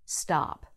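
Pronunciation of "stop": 'stop' is said in an American accent.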